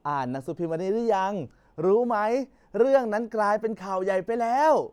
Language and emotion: Thai, happy